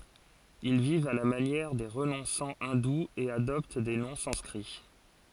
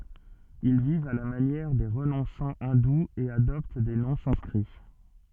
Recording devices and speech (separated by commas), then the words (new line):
forehead accelerometer, soft in-ear microphone, read sentence
Ils vivent à la manière des renonçants hindous et adoptent des noms sanscrits.